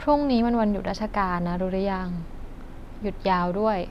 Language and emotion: Thai, neutral